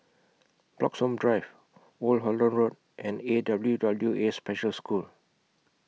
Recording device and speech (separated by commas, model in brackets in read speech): mobile phone (iPhone 6), read sentence